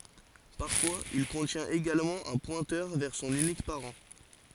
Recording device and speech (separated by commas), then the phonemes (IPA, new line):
forehead accelerometer, read sentence
paʁfwaz il kɔ̃tjɛ̃t eɡalmɑ̃ œ̃ pwɛ̃tœʁ vɛʁ sɔ̃n ynik paʁɑ̃